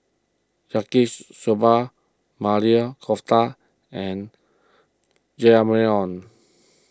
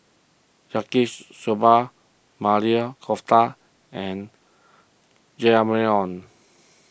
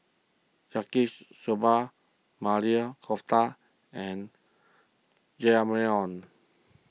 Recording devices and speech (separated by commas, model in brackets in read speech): close-talking microphone (WH20), boundary microphone (BM630), mobile phone (iPhone 6), read sentence